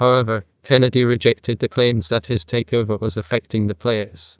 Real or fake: fake